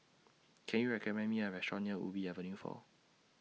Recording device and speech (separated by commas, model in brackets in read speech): mobile phone (iPhone 6), read sentence